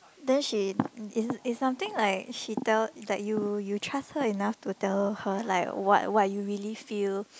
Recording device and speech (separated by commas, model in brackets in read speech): close-talking microphone, conversation in the same room